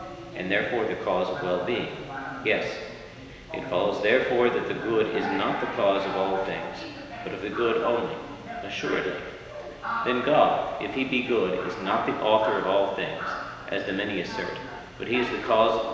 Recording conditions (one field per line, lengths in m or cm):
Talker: one person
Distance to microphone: 1.7 m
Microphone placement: close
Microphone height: 1.0 m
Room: very reverberant, large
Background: television